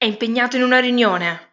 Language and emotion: Italian, angry